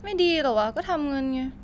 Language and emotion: Thai, frustrated